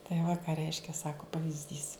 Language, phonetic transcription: Lithuanian, tai va ka ˈreiškia ˈsako pavyzˈdys

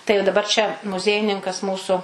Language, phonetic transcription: Lithuanian, tai jau daˈbar čia muˈziejininkas ˈmūsu

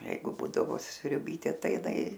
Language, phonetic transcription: Lithuanian, ˈjeigu ˈbūdavo sriuˈbytė ˈtai iˈnai

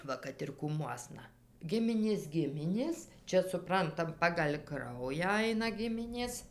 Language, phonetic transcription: Lithuanian, ˈva kad ir kūˈmuosna ˈgiminės ˈgiminės ˈčia suˈprantam pagal' ˈkraują ˈaina ˈgiminės

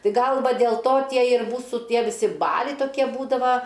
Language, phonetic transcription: Lithuanian, ˈtai ˈgal ˈva dėl ˈto ˈtie ir ˈmūsų ˈtie viˈsi ˈbaliai toˈkie ˈbūdava

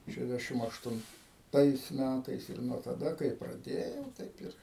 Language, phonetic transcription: Lithuanian, ˌšešˈdešim aštunˈtais ˈmætais ir nuo taˈda kai praˈdėjau ˈtaip ir

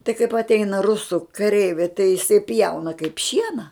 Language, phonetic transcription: Lithuanian, tai kaip atˈeina ruˈsų kaˈreiviai tai jiˈsai ˈpjauna kaip ˈšiena

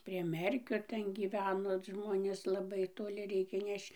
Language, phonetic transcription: Lithuanian, prie ˈmerkio ˈten gyˈveno ˈžmonės laˈbai toˈli ˈreikė ˈnešč

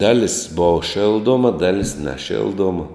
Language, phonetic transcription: Lithuanian, ˈdalis bova ˈšilˌdoma ˈdalis neˈšilˌduoma

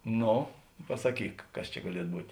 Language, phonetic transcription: Lithuanian, ˈno pasaˈkyk ˈkas čia gaˈliet ˈbūt'

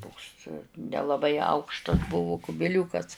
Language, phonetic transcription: Lithuanian, ˈtoks nelaˈbai ˈaukštas ˈbuvu kubiˈliūkas

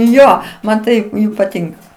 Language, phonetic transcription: Lithuanian, ˈjo ˈman tai paˈtinka

